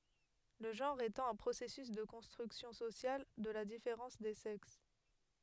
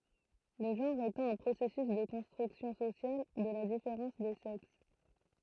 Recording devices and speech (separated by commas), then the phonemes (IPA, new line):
headset microphone, throat microphone, read sentence
lə ʒɑ̃ʁ etɑ̃ œ̃ pʁosɛsys də kɔ̃stʁyksjɔ̃ sosjal də la difeʁɑ̃s de sɛks